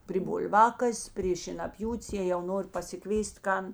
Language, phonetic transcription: Lithuanian, pri bulˈvakas' prė šėnaˈpjūt's jė jau ˈnori pasiˈkvės't' ˈkan

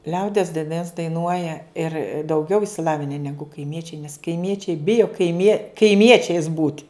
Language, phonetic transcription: Lithuanian, ˈliaudies daiˈnas daiˈnuoja ir dauˈgiau išsiˈlavine ˈnegu kaiˈmiečiai nes kaiˈmiečiai ˈbijo kaiˈmie kaiˈmiečiais būt'

